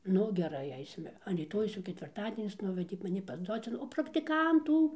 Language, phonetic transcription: Lithuanian, ˈnu geˈrai ˈaisime an ryˈtojaus jau ketvirˈtadienis ˈnuvedė maˈni pas ˈdocen o praktiˈkantų

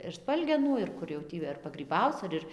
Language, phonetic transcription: Lithuanian, ir ˈspalgenų ir ˈkur jau ˈtį ar pagryˈbauc ar ˈir

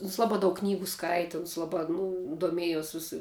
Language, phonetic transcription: Lithuanian, uns ˈlabā ˈdaug ˈknygu ˈskaiti uns ˈlabā ˈnu doˈmiejos ˈvisa

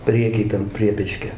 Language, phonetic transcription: Lithuanian, ˈpriekij ˈtam ˈpriepečkio

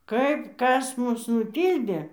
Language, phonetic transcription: Lithuanian, ˈkaip ˈkas ˈmus nuˈtyldė

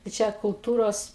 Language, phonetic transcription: Lithuanian, tai ˈčia kulˈtūros

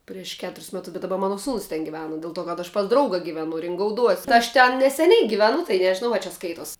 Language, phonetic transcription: Lithuanian, prieš ˈketuris ˈmetus bet daˈba ˈmana ˈsūnus ten giˈvena del ˈto kad aš pas ˈdrauga giˈvenu ringauˈduos' ti aš ˈten neseˈniai giveˈnu tai nežiˈnau a čia ˈskaitos

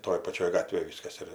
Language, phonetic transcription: Lithuanian, ˈtoj paˈčioj ˈgatvėj ˈvyskas ir

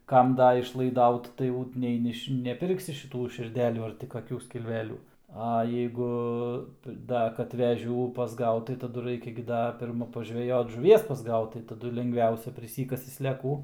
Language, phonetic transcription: Lithuanian, ˈkam ˈda išlaiˈdaut tai ˈjau nei ˈniš neˈpirksi šiˈtų širˈdelių ar ti kaˈkių skilˈvelių a jeiˈgu ˈda kad veˈžių pasˈgaut tai taˈdu ˈraikia gi ˈda pirˈma pažveˈjot žuˈvies pasˈgaut tai taˈdu lengˈviausia priˈsykasi sleˈkų

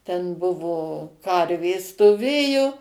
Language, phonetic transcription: Lithuanian, ˈten ˈbuvo ˈkarvės stoˈvėju

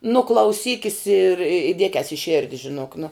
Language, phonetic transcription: Lithuanian, nu klauˈsykis ir i ˈdiekias i ˈširdi žiˈnok nu

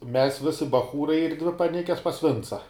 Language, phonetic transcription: Lithuanian, ˈmes ˈvisi baˈchūrai ir ˈdvi paˈnikes pas ˈvinca

